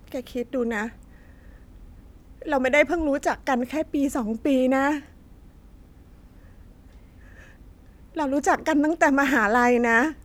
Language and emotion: Thai, sad